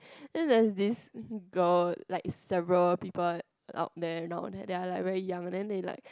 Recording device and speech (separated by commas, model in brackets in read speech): close-talking microphone, conversation in the same room